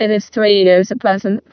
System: VC, vocoder